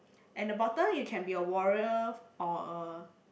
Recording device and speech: boundary microphone, conversation in the same room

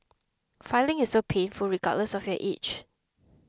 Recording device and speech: close-talking microphone (WH20), read sentence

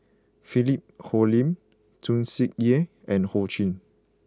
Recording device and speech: close-talking microphone (WH20), read sentence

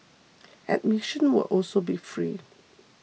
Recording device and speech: mobile phone (iPhone 6), read sentence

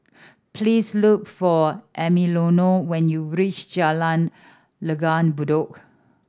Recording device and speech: standing microphone (AKG C214), read sentence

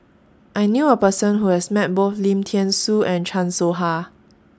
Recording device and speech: standing microphone (AKG C214), read sentence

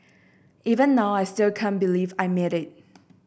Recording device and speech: boundary microphone (BM630), read sentence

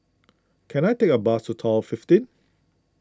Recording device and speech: close-talking microphone (WH20), read sentence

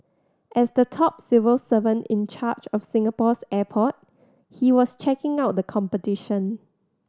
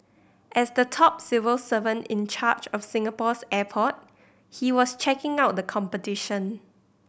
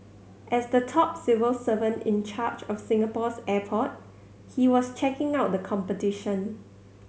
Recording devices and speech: standing microphone (AKG C214), boundary microphone (BM630), mobile phone (Samsung C7100), read sentence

